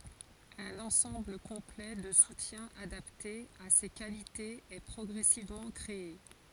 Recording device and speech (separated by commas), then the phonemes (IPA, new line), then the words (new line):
forehead accelerometer, read sentence
œ̃n ɑ̃sɑ̃bl kɔ̃plɛ də sutjɛ̃z adapte a se kalitez ɛ pʁɔɡʁɛsivmɑ̃ kʁee
Un ensemble complet de soutiens adapté à ses qualités est progressivement créé.